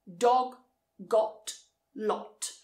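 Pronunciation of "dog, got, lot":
In 'dog', 'got' and 'lot', the o vowel is very short and very round.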